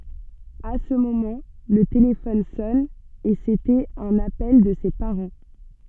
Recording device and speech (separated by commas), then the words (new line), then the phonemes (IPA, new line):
soft in-ear microphone, read sentence
À ce moment, le téléphone sonne, et c'était un appel de ses parents.
a sə momɑ̃ lə telefɔn sɔn e setɛt œ̃n apɛl də se paʁɑ̃